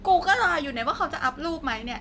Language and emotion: Thai, frustrated